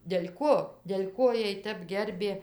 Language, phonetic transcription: Lithuanian, del' ˈko del' ˈko ˈjiej ˈtep ˈgerbė

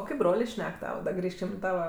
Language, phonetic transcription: Lithuanian, o ˈkaip ˈbrolė ˈšnek ˈtava da ˈgrįžkim i ˈtava

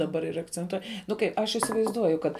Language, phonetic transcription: Lithuanian, daˈbar ir akcenˈtuoj nu ˈkaip ˈaš isivaizˈduoju kad

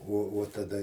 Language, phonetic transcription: Lithuanian, uo uo taˈda

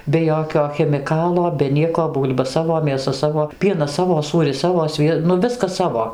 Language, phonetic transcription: Lithuanian, be ˈjokio chemiˈkalo be ˈnieko ˈbūl'ba ˈsavo mėˈsa ˈsavo ˈpienas ˈsavo ˈsūris ˈsavo ˈsvie nu ˈviskas ˈsavo

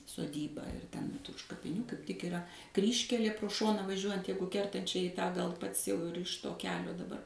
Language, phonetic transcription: Lithuanian, soˈdybą ir ˈten už kapiˈnių kaip tik iˈra ˈkryžkelė pro ˈšoną vaˈžiuojant ˈjeigu kertan ˈčia į tą gal ˈpats ˈjau ir iš ˈto keˈlio daˈbar

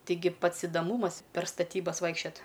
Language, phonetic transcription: Lithuanian, ˈtigi ˈpats idaˈmūmas per staˈtybas ˈvaikščiat

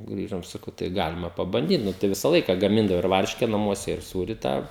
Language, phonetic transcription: Lithuanian, ˈgrįžom saˈkau tai ˈgalima pabanˈdyt ˈnu tai ˈvisa ˈlaika gaˈmindavo ir ˈvarške naˈmuose ir ˈsūri ˈtą

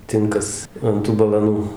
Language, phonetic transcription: Lithuanian, ˈtinkas ant ˈtų balaˈnų

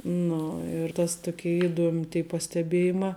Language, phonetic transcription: Lithuanian, ˈnu ir tas ˈtokė iˈduom' tė pasteˈbėjimā

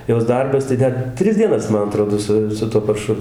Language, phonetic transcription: Lithuanian, ˈjos ˈdarbas tai ˈdar ˈtris dieˈnas ˈman aˈtrodo ˈsu su ˈtuo parˈšu

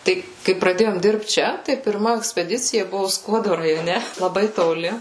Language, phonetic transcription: Lithuanian, ˈtai kai praˈdėjom ˈdirbt ˈčia tai pirˈma ekspeˈdicija ˈbuvo ˈskuodo rajoˈne laˈbai toˈli

